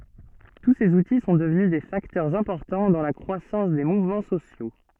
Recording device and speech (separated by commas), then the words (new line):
soft in-ear microphone, read sentence
Tous ces outils sont devenus des facteurs importants dans la croissance des mouvements sociaux.